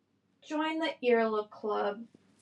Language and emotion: English, sad